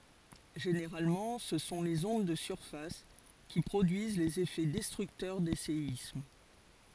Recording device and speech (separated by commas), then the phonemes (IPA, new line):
forehead accelerometer, read sentence
ʒeneʁalmɑ̃ sə sɔ̃ lez ɔ̃d də syʁfas ki pʁodyiz lez efɛ dɛstʁyktœʁ de seism